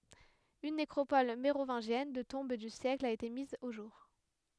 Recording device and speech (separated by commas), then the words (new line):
headset microphone, read sentence
Une nécropole mérovingienne de tombes du siècle a été mise au jour.